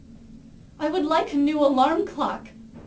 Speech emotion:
neutral